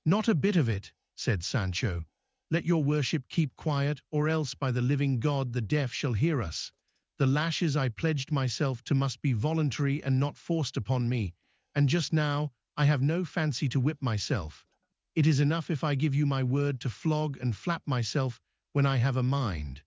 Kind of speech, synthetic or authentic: synthetic